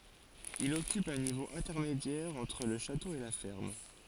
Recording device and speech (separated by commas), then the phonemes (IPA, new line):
forehead accelerometer, read sentence
il ɔkyp œ̃ nivo ɛ̃tɛʁmedjɛʁ ɑ̃tʁ lə ʃato e la fɛʁm